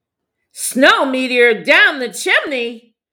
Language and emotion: English, sad